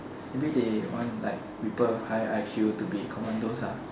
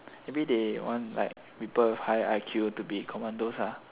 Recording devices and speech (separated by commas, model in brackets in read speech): standing microphone, telephone, conversation in separate rooms